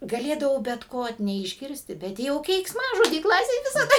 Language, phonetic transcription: Lithuanian, gaˈlėdavau bet ˈko neišˈgirsti bet ˈjau keiksˈmažodį ˈklasėj visaˈda

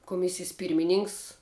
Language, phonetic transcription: Lithuanian, kuˈmisijas ˈpyrmininks

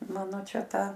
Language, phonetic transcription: Lithuanian, ˈmano ˈčia ˈtą

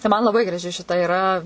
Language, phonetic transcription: Lithuanian, tai ˈman laˈbai graˈži šiˈta iˈra

